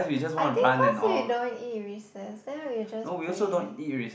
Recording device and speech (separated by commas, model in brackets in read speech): boundary microphone, conversation in the same room